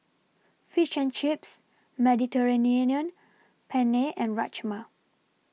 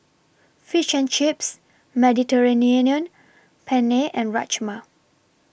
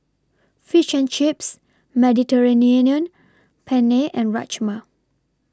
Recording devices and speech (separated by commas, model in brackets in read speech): mobile phone (iPhone 6), boundary microphone (BM630), standing microphone (AKG C214), read sentence